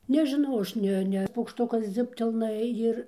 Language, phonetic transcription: Lithuanian, nežiˈnau ˈaš ˈne ˈne paukˈštukas ˈdziubtelna ˈjir

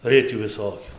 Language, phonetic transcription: Lithuanian, ˈritių viˈsokiu

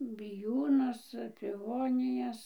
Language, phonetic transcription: Lithuanian, biˈjūnus piˈvonijas

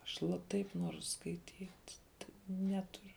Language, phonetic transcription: Lithuanian, aš la ˈtaip ˈnuoru skaiˈtyt' ti ˈneturiu

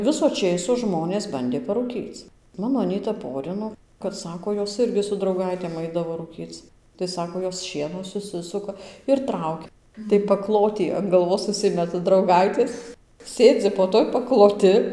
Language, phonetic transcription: Lithuanian, ˈviso ˈčėso ˈžmonės ˈbandė paruˈkyc ˈmano aˈnyta ˈporino kad ˈsako ˈjos ˈirgi su drauˈgaitėm ˈaidavo rūˈkyc tai ˈsako ˈjos ˈšieno suˈsisuka ir ˈtraukia tai paˈklotį an galˈvos užˈsimeta drauˈgaitės ˈsėdzi po ˈtuoj pakloˈti

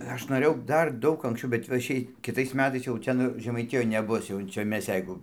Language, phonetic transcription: Lithuanian, ˈaš noˈrėjau ˈdar ˈdaug anksˈčiau bet va ˈšiai kiˈ tais ˈmetais jau ˈten žemaiˈtijoj neˈbus jau ˈčia ˈmes ˈjeigu

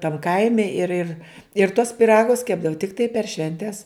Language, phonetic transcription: Lithuanian, tam ˈkaime ir ir ir tuos piˈragus ˈkepdavu tikˈtai per ˈšventes

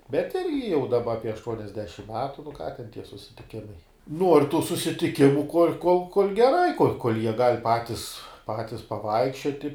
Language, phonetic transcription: Lithuanian, bet ˈirgi jau daˈba apie ašˈtuoniasdešim ˈmetu nu ką ten tie susitiˈkimai nuor tų susitiˈkimu kol' kol kol' geˈrai kol' kol' jie gal' ˈpatis ˈpatis paˈvaikščioti

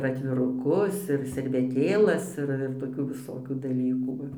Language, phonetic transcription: Lithuanian, ir atviruˈkus ir serveˈtėlas ˈir ir toˈkių viˈsokių daˈlykų ˈva

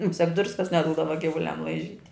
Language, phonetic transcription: Lithuanian, muˈsiak ˈdruskas neˈdūdava givuˈliam laiˈžyt'

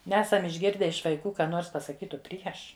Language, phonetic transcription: Lithuanian, ˈnesam išˈgirde iš vaiˈkų ˈką ˈnors pasaˈkytu ˈprieš

